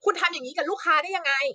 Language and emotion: Thai, angry